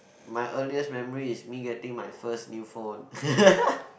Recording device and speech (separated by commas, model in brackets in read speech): boundary microphone, conversation in the same room